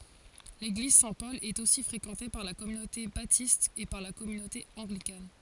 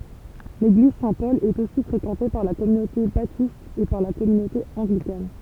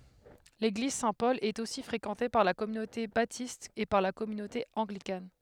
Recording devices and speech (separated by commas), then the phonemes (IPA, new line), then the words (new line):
forehead accelerometer, temple vibration pickup, headset microphone, read sentence
leɡliz sɛ̃tpɔl ɛt osi fʁekɑ̃te paʁ la kɔmynote batist e paʁ la kɔmynote ɑ̃ɡlikan
L’église Saint-Paul est aussi fréquentée par la communauté Baptiste et par la communauté Anglicane.